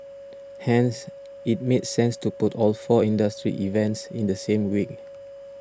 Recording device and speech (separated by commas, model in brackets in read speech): standing microphone (AKG C214), read sentence